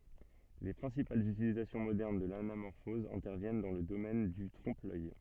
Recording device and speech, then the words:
soft in-ear microphone, read sentence
Les principales utilisations modernes de l'anamorphose interviennent dans le domaine du trompe-l'œil.

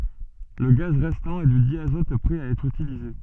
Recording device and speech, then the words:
soft in-ear microphone, read sentence
Le gaz restant est du diazote prêt à être utilisé.

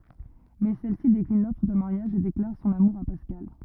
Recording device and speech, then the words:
rigid in-ear microphone, read sentence
Mais celle-ci décline l’offre de mariage et déclare son amour à Pascal.

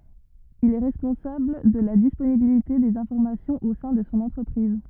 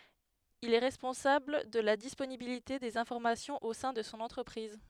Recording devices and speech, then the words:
rigid in-ear microphone, headset microphone, read sentence
Il est responsable de la disponibilité des informations au sein de son entreprise.

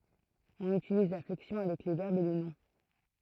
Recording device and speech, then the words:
throat microphone, read sentence
On utilise la flexion avec les verbes et les noms.

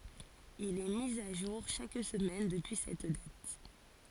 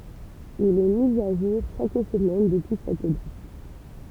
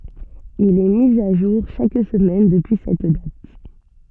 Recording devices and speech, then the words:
forehead accelerometer, temple vibration pickup, soft in-ear microphone, read sentence
Il est mis à jour chaque semaine depuis cette date.

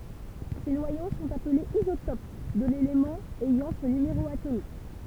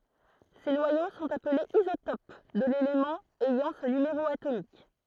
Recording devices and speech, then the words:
temple vibration pickup, throat microphone, read sentence
Ces noyaux sont appelés isotopes de l'élément ayant ce numéro atomique.

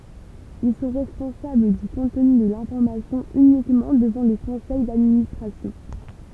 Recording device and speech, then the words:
temple vibration pickup, read sentence
Ils sont responsables du contenu de l'information uniquement devant le conseil d'administration.

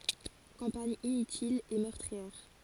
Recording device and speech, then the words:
forehead accelerometer, read sentence
Campagne inutile et meurtrière.

